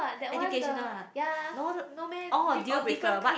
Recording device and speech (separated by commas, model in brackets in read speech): boundary microphone, conversation in the same room